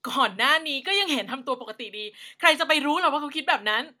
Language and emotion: Thai, angry